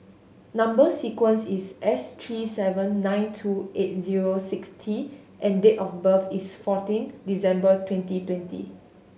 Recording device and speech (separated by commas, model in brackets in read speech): mobile phone (Samsung S8), read sentence